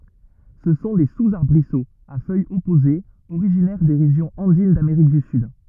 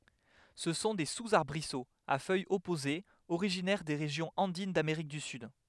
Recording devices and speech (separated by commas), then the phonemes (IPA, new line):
rigid in-ear microphone, headset microphone, read sentence
sə sɔ̃ de suzaʁbʁisoz a fœjz ɔpozez oʁiʒinɛʁ de ʁeʒjɔ̃z ɑ̃din dameʁik dy syd